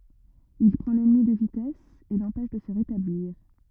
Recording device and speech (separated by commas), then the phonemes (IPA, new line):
rigid in-ear microphone, read sentence
il pʁɑ̃ lɛnmi də vitɛs e lɑ̃pɛʃ də sə ʁetabliʁ